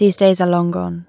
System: none